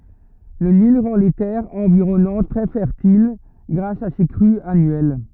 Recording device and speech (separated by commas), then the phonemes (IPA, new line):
rigid in-ear microphone, read sentence
lə nil ʁɑ̃ le tɛʁz ɑ̃viʁɔnɑ̃t tʁɛ fɛʁtil ɡʁas a se kʁyz anyɛl